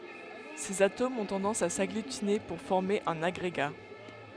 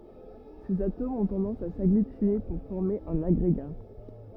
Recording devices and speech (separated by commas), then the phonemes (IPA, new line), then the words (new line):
headset microphone, rigid in-ear microphone, read sentence
sez atomz ɔ̃ tɑ̃dɑ̃s a saɡlytine puʁ fɔʁme œ̃n aɡʁeɡa
Ces atomes ont tendance à s'agglutiner pour former un agrégat.